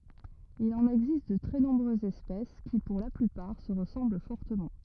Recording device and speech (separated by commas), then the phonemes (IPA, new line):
rigid in-ear microphone, read sentence
il ɑ̃n ɛɡzist də tʁɛ nɔ̃bʁøzz ɛspɛs ki puʁ la plypaʁ sə ʁəsɑ̃bl fɔʁtəmɑ̃